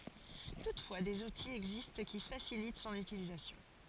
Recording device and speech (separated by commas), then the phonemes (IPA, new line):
forehead accelerometer, read sentence
tutfwa dez utiz ɛɡzist ki fasilit sɔ̃n ytilizasjɔ̃